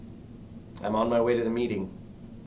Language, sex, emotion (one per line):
English
male
neutral